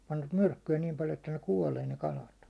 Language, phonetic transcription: Finnish, panvat "myrkky₍ä niim paljo että ne "kuålee ne 'kalat .
- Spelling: panivat myrkkyä niin paljon että ne kuolee ne kalat

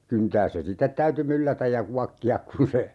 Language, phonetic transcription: Finnish, 'kyntääs se "sittet täyty 'myllätäj ja 'kuakki₍ak kun̬ se ,.
- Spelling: kyntää se sitten täytyi myllätä ja kuokkia kun se

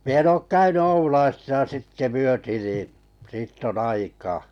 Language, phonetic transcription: Finnish, mi ‿en 'ook "käyny 'Oulaisisa 'sitte "myöti nii , 'sitt ‿on"n ‿aikaa .
- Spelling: minä en ole käynyt Oulaisissa sitten myöten niin siitä on aikaa

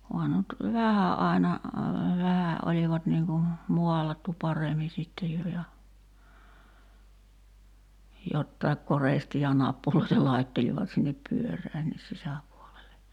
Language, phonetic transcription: Finnish, oha (nuo) nut , "vähä '’ai̬na,'vähä ’olivat niŋ ku , "mualattu 'paremi sitte 'jo ja , 'jottaḙk "korèstii ja 'nappuloita 'laittelivat sinnep "pyör̀äännis sisäpuolele .
- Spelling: onhan ne nyt vähän aina vähän olivat niin kuin maalattu paremmin sitten jo ja jotakin koristetta ja nappuloita laittelivat sinne pyöränkin sisäpuolelle

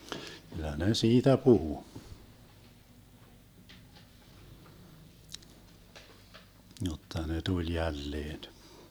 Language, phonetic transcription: Finnish, kyl̆lä 'ne "siitä 'puhu , jotta ne 'tuĺ 'jälleen .
- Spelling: kyllä ne siitä puhui jotta ne tuli jälleen

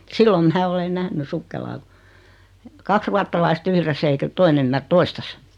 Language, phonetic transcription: Finnish, 'sillom mää 'ole 'nähny "sukkelaa (ku) , 'kaks ruatta-laist 'yhress ‿eikä 'toin ‿ymmär "toistas .
- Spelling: silloin minä olen nähnyt sukkelaan kun kaksi ruotsalaista yhdessä eikä toinen ymmärrä toistansa

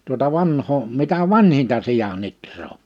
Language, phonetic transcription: Finnish, tuota 'vanhoo , mitä "vanhinta 'sija'n ‿itr̀oo .
- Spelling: tuota vanhaa mitä vanhinta sian ihraa

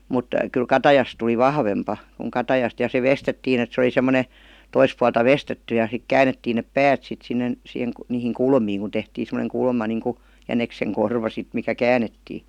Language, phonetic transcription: Finnish, mut , kyl "katajas tuli "vahvempa , kuŋ 'katajast ja se "vestettiin ‿et se oli 'semmone , 'tois pualta "vestetty ja sik "käänettiin nep "päät sit sinnen , sih- niihiŋ "kulmiiŋ ku 'tehtiin̬ semoneŋ 'kulma niŋku , 'jänekseŋ 'korva sit mikä "käänettii .
- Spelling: mutta kyllä katajasta tuli vahvempi kuin katajasta ja se veistettiin että se oli semmoinen toista puolta veistetty ja sitten käännettiin ne päät sitten sinne - niihin kulmiin kun tehtiin semmoinen kulma niin kuin jäniksen korva sitten mikä käännettiin

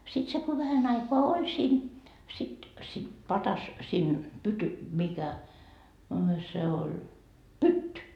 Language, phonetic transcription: Finnish, 'sit 'se ko 'vähän ‿aikoa o"ĺ siin , sit , sit 'patas , siin , pyty- , 'mikä , a se oĺ , "pytty .
- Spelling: sitten se kun vähän aikaa oli siinä sitten sitten padassa siinä - mikä a se oli pytty

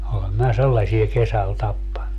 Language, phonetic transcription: Finnish, olem minä "sellasie kesäl 'tappannu .
- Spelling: olen minä sellaisia kesällä tappanut

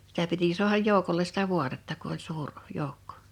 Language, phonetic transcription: Finnish, sitä piti 'su̬ahaj 'jòu̬koles sitä "vuatetta ku ‿oĺ 'suur , 'jou̬kko .
- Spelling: sitä piti saada joukolle sitä vaatetta kun oli suuri joukko

